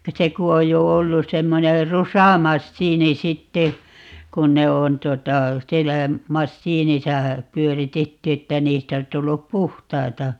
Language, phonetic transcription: Finnish, 'se ku 'oj jo 'ollus̆ 'semmoner "rusamassiini 'sitte , 'kun 'ne 'on 'tuota , 'siellä , "massiinisa , 'pyöritetty että 'niistä os 'tullup "puhtaita .
- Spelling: se kun on jo ollut semmoinen rusamasiini sitten kun ne on tuota siellä masiinissa pyöritetty että niistä olisi tullut puhtaita

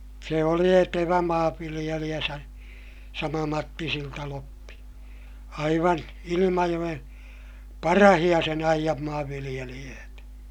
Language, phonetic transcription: Finnish, se oli etevä maavviliʲeliʲä sa- , sama Matti Siltaloppi , aivan , Ilimajoʲen , parahiʲa sen ‿aijam maavviliʲeliʲöötä .
- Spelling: se oli etevä maanviljelijä - sama Matti Siltaloppi aivan Ilmajoen parhaita sen ajan maanviljelijöitä

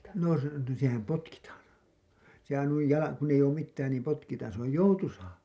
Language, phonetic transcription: Finnish, no se , sehäm 'potkitaan , sehän nuij jala- , kun ‿eij ‿oom mittään niim 'potkitaan se ‿oj "joutusaa .
- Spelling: no se sehän potkitaan sehän noin - kun ei ole mitään niin potkitaan se on joutuisaa

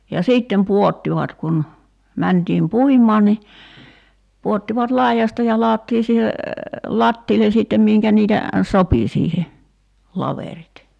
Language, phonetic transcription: Finnish, ja "siittem 'puottivat kun , 'mäntiim "puim̆maan ni , 'puottivat "laijasta ja 'laɔttii siihe , "lattiilen̬ sìttem 'miŋkä niitä , "sopi siihe , 'laverit .
- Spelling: ja sitten pudottivat kun mentiin puimaan niin pudottivat laidasta ja ladottiin siihen lattialle sitten minkä niitä sopi siihen laverit

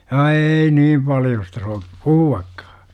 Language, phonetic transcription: Finnish, a » "eei 'nim paljosta so- , "puhu₍akkAA « .
- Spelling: a ei niin paljosta - puhuakaan

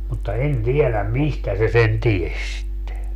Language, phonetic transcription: Finnish, mutta 'en 'tieläm "mistä se sen 'ties sitte .
- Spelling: mutta en tiedä mistä se sen tiesi sitten

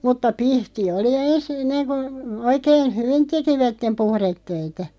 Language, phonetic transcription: Finnish, mutta "pihti 'oli ens enneŋ ku , 'oikeen , "hyvin "tekivättem 'puhrettöitä .
- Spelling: mutta pihti oli ensin ennen kun oikein hyvin tekivät puhdetöitä

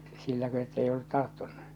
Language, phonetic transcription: Finnish, silläkö ettei ollut 'tarttunnu ?
- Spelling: silläkö että ei ollut tarttunut

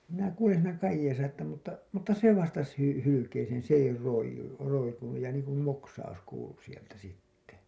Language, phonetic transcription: Finnish, ja minä "kuulen siinä 'kajjeesa että mutta , mutta "se 'vastas 'hy- , 'hylykeeseen̬ s ‿ei 'roij̆ju , roikunuj ja niiŋkum 'moksaus kuulu sieltä sitte .
- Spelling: ja minä kuulen siinä kajeessa että mutta mutta se vastasi - hylkeeseen se ei roiu roikunut ja niin kuin moksaus kuului sieltä sitten

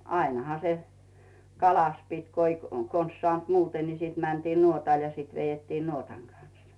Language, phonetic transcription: Finnish, 'ainᵃha se , "kalas 'pit́ ko ‿i , 'kons sᵒànt "muute ni siit 'mäntiin "nuotàl ja siit 'vejettiin "nuotaŋ kanssᴀ .
- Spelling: ainahan se kala piti kun ei konsa saanut muuten niin sitten mentiin nuotalle ja sitten vedettiin nuotan kanssa

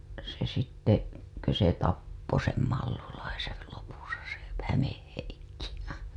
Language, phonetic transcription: Finnish, se sitte , kö se 'tappo sem 'Mallulaisel lopusa se p- , 'Hämeh Heikki .
- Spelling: se sitten kun se tappoi sen Mallulaisen lopussa se - Hämeen Heikki

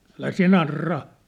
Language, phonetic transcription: Finnish, » älä siä̭ 'narraa ! «
- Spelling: älä sinä narraa

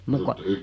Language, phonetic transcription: Finnish, 'muuk ko ...
- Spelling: muuta kuin

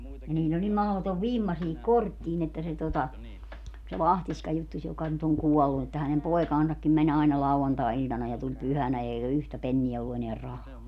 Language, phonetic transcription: Finnish, 'niiĺl ‿oĺ nim 'mahotov "vimma siihik "korttiin ‿että se tota , se "Lahtiśka juttuś joka nyt oŋ 'kuɔllu että hänem 'poekaansakkim mäń ‿ai̮na 'lauantài̮₍iĺtana ja 'tuĺ 'pyhänä eiGä "yhtä 'penniä ollu eneär "rahaa .
- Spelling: niillä oli niin mahdoton vimma siihen korttiin että se tuota se Lahtiska juttusi joka nyt on kuollut että hänen poikansakin meni aina lauantai-iltana ja tuli pyhänä eikä yhtä penniä ollut enää rahaa

